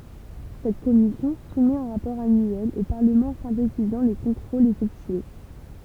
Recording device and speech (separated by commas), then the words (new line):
temple vibration pickup, read sentence
Cette commission soumet un rapport annuel au Parlement synthétisant les contrôles effectués.